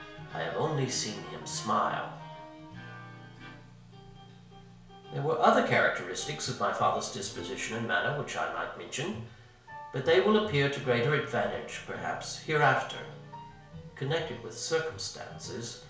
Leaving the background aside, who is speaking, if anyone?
One person.